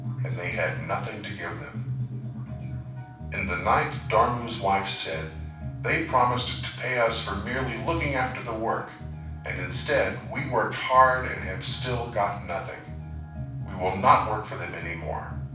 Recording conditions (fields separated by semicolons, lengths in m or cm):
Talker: one person; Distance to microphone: 5.8 m; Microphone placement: far; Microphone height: 1.8 m; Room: medium-sized (5.7 m by 4.0 m); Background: music